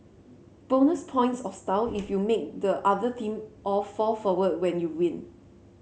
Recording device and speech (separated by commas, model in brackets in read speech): mobile phone (Samsung C7), read sentence